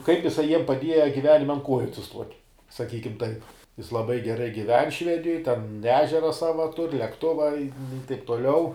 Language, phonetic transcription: Lithuanian, kaip iˈsai jiem paˈdieja giˈvenime an ˈkuoju atsiˈstuot' saˈkykim taip jis laˈbai geˈrai giˈven ˈšvedijoj ten ˈežera ˈsava tur' lekˈtuva i taip toˈliau

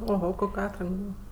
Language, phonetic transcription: Lithuanian, oˈho ˈkok' ˈatrank ˈbūva

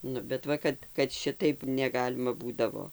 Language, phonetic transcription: Lithuanian, ˈnu bet ˈva kad kad ˈšitaip neˈgalima ˈbūdavo

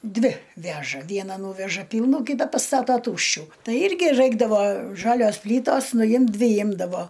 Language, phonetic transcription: Lithuanian, ˈdvi ˈveža ˈviena ˈnūveža ˈpylnų ˈkyta paˈstatoˈtūščių ˈtai ˈirgi ˈraikdavo ˈžalios ˈplytos nuˈjimt ˈdvi ˈjimdavo

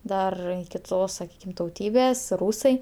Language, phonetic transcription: Lithuanian, ˈdar kiˈtos saˈkykim tauˈtybės ˈrūsai

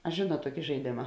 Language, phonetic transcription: Lithuanian, a ˈžėnuot ˈtuoki žaiˈdėma

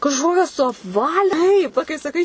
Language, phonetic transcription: Lithuanian, kažˈkokias suapˈvali ˈtaip ˈva kai saˈkai

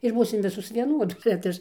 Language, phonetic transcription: Lithuanian, ir ˈbūsim ˈvisos vieˈnuodos bet ˈaš

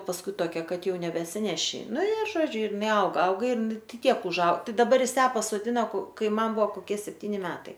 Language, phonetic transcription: Lithuanian, pasˈkui toˈkia ˈkad ˈjau nebesiˈneši ˈnu i ˈžodžiu ir iˈnai ˈauga ˈauga ir ˈtiek užˈau daˈbar ˈjis ˈją pasoˈdina ko ˈkai ˈman ˈbuvo koˈkie sepˈtyni ˈmetai

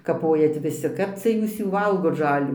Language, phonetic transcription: Lithuanian, kaˈpojat viˈsi ˈkap cia ˈjūs ˈjų ˈvalgot ˈžalių

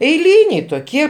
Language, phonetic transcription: Lithuanian, eiˈlyniai toˈkie

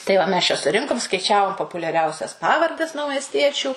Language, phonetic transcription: Lithuanian, tai ˈva mes čia suˈrinkum skaiˈčiavom populiaˈriausias ˈpavardes naumesˈtiečių

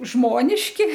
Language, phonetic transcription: Lithuanian, ˈžmoniški

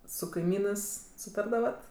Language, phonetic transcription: Lithuanian, su kaiˈmynɜs suˈtardavat

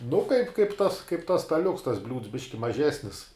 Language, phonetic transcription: Lithuanian, nu kaip kaip tas kaip tas staˈliuks tas bliūds ˈbiški maˈžesnis

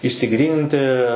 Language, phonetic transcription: Lithuanian, išsiˈgryninti

